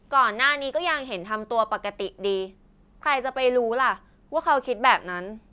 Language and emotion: Thai, frustrated